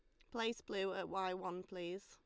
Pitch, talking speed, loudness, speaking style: 190 Hz, 205 wpm, -43 LUFS, Lombard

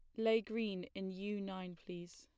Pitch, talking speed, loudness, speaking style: 200 Hz, 180 wpm, -41 LUFS, plain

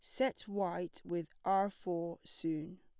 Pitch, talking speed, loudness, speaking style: 180 Hz, 140 wpm, -38 LUFS, plain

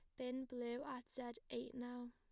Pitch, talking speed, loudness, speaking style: 245 Hz, 190 wpm, -48 LUFS, plain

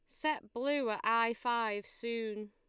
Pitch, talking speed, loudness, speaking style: 230 Hz, 155 wpm, -34 LUFS, Lombard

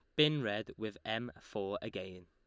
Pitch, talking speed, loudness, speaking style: 105 Hz, 175 wpm, -37 LUFS, Lombard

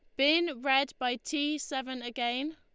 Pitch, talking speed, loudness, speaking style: 275 Hz, 155 wpm, -30 LUFS, Lombard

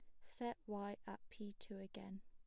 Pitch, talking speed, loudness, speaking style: 205 Hz, 180 wpm, -51 LUFS, plain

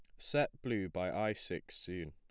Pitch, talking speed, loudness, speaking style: 105 Hz, 190 wpm, -38 LUFS, plain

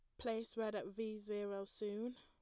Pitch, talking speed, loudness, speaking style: 215 Hz, 180 wpm, -45 LUFS, plain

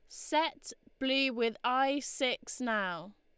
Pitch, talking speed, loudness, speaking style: 255 Hz, 120 wpm, -32 LUFS, Lombard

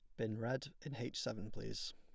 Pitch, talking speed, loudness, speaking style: 120 Hz, 205 wpm, -44 LUFS, plain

